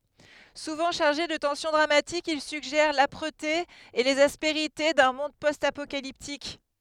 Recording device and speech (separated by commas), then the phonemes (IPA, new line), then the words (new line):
headset microphone, read sentence
suvɑ̃ ʃaʁʒe də tɑ̃sjɔ̃ dʁamatik il syɡʒɛʁ lapʁəte e lez aspeʁite dœ̃ mɔ̃d pɔst apokaliptik
Souvent chargés de tension dramatique, ils suggèrent l'âpreté et les aspérités d'un monde post-apocalyptique.